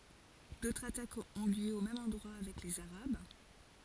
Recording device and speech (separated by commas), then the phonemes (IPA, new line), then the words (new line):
forehead accelerometer, read sentence
dotʁz atakz ɔ̃ ljø o mɛm ɑ̃dʁwa avɛk lez aʁab
D'autres attaques ont lieu au même endroit avec les arabes.